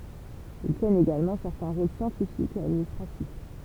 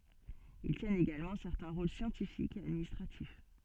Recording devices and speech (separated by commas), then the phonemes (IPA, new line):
temple vibration pickup, soft in-ear microphone, read sentence
il tjɛnt eɡalmɑ̃ sɛʁtɛ̃ ʁol sjɑ̃tifikz e administʁatif